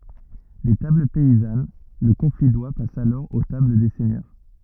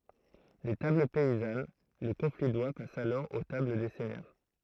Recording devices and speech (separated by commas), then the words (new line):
rigid in-ear microphone, throat microphone, read sentence
Des tables paysannes, le confit d'oie passe alors aux tables des seigneurs.